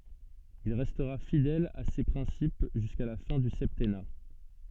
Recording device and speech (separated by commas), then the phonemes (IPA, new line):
soft in-ear microphone, read sentence
il ʁɛstʁa fidɛl a se pʁɛ̃sip ʒyska la fɛ̃ dy sɛptɛna